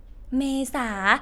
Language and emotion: Thai, neutral